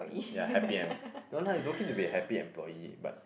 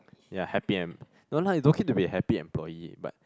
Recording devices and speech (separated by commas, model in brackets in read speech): boundary microphone, close-talking microphone, conversation in the same room